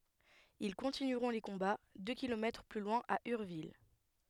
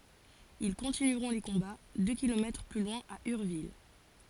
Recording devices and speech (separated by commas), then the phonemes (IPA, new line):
headset microphone, forehead accelerometer, read sentence
il kɔ̃tinyʁɔ̃ le kɔ̃ba dø kilomɛtʁ ply lwɛ̃ a yʁvil